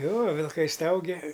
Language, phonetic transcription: Lithuanian, ˈjo vilˈkai ˈstaugia

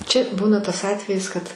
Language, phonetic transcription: Lithuanian, ˈčia ˈbūna tas ˈatvejis kad

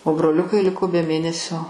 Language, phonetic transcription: Lithuanian, o broˈliukai ˈliko be ˈmėnesio

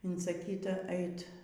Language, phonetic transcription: Lithuanian, insaˈkyta ˈeit

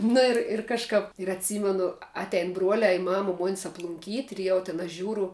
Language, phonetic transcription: Lithuanian, nu ir ir kažˈkap ir atˈsymenu ˈatein ˈbruolē i ˈmama ˈmuonis aplunˈkyt' ir ˈjau tin aš ˈžiūru

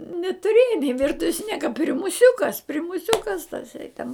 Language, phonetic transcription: Lithuanian, netuˈrėja ni ˈvirtuves ˈnieka primuˈsiukas primuˈsiukas taˈsai ten

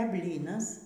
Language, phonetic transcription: Lithuanian, e ˈblynas

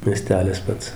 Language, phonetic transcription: Lithuanian, mieˈstelis ˈpats

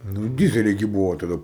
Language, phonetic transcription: Lithuanian, ˈnu ˈdyzeliai gi ˈbūvo taˈda

